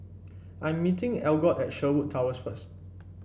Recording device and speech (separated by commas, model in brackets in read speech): boundary microphone (BM630), read sentence